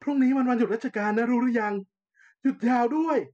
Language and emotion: Thai, happy